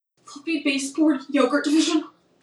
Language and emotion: English, fearful